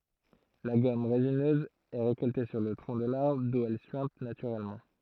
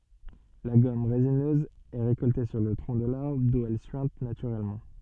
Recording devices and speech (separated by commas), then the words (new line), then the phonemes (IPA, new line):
throat microphone, soft in-ear microphone, read sentence
La gomme résineuse est récoltée sur le tronc de l'arbre d'où elle suinte naturellement.
la ɡɔm ʁezinøz ɛ ʁekɔlte syʁ lə tʁɔ̃ də laʁbʁ du ɛl syɛ̃t natyʁɛlmɑ̃